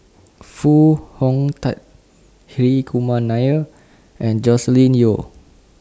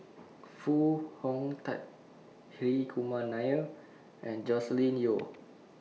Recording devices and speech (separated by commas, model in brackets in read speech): standing microphone (AKG C214), mobile phone (iPhone 6), read sentence